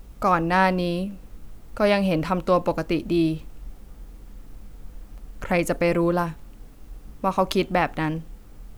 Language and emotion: Thai, neutral